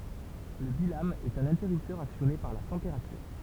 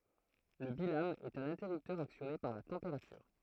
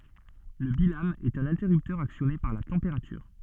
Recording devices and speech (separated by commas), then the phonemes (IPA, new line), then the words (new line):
temple vibration pickup, throat microphone, soft in-ear microphone, read sentence
lə bilam ɛt œ̃n ɛ̃tɛʁyptœʁ aksjɔne paʁ la tɑ̃peʁatyʁ
Le bilame est un interrupteur actionné par la température.